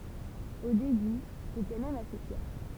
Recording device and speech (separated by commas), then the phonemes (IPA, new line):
temple vibration pickup, read sentence
o deby ʒetɛ mɛm ase fjɛʁ